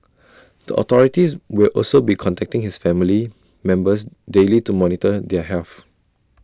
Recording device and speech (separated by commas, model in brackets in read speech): standing microphone (AKG C214), read sentence